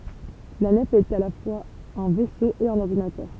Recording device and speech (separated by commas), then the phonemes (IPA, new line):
temple vibration pickup, read sentence
la nɛf ɛt a la fwaz œ̃ vɛso e œ̃n ɔʁdinatœʁ